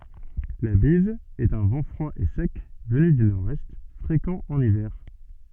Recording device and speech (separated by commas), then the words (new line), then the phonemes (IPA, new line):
soft in-ear microphone, read sentence
La bise est un vent froid et sec venu du nord-est, fréquent en hiver.
la biz ɛt œ̃ vɑ̃ fʁwa e sɛk vəny dy noʁɛst fʁekɑ̃ ɑ̃n ivɛʁ